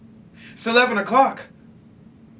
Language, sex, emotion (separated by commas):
English, male, fearful